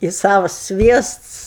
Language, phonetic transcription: Lithuanian, i ˈsavas ˈsviests

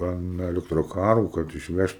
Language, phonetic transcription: Lithuanian, an elektroˈkarų kad išˈvežt

